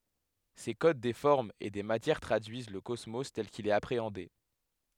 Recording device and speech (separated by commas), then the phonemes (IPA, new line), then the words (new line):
headset microphone, read sentence
se kod de fɔʁmz e de matjɛʁ tʁadyiz lə kɔsmo tɛl kil ɛt apʁeɑ̃de
Ces codes des formes et des matières traduisent le cosmos tel qu'il est appréhendé.